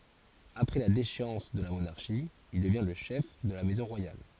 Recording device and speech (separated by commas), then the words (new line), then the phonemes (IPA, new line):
forehead accelerometer, read sentence
Après la déchéance de la monarchie, il devient le chef de la maison royale.
apʁɛ la deʃeɑ̃s də la monaʁʃi il dəvjɛ̃ lə ʃɛf də la mɛzɔ̃ ʁwajal